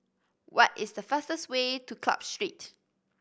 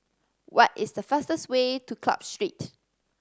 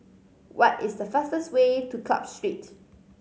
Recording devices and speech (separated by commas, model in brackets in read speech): boundary microphone (BM630), standing microphone (AKG C214), mobile phone (Samsung C5010), read sentence